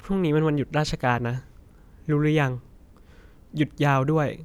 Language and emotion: Thai, neutral